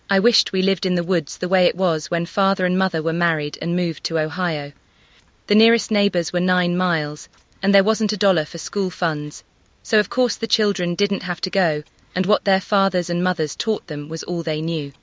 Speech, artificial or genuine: artificial